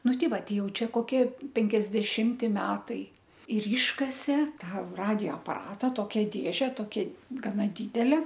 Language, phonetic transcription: Lithuanian, ˈnu ˈti ˈva ˈtei ˈjauˈčia koˈkie penkiasdeˈšimti ˈmetai ir ˈyškasė ˈtą ˈradijo apaˈrata ˈtokia ˈdėže toˈkia gaˈna ˈdidele

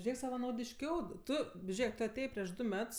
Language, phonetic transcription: Lithuanian, ˈžėk savanaudišˈkiau ˈtu ˈžėk ˈtu aˈtėjė prieš ˈdu ˈmets

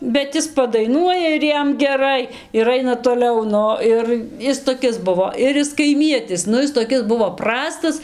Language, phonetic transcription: Lithuanian, bet ˈis padaiˈnuoja ir ˈjam geˈrai ir ˈaina toˈliau ˈnu ˈir ˈis toˈkis ˈbuvo ir ˈjis kaiˈmietis ˈnu ˈis toˈkis ˈbuvo ˈprastas

